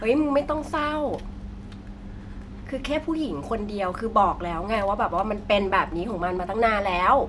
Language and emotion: Thai, angry